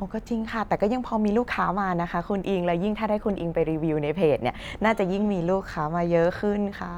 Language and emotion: Thai, happy